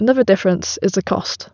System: none